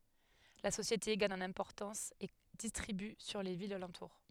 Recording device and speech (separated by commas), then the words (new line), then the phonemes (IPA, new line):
headset microphone, read sentence
La société gagne en importance et distribue sur les villes alentour.
la sosjete ɡaɲ ɑ̃n ɛ̃pɔʁtɑ̃s e distʁiby syʁ le vilz alɑ̃tuʁ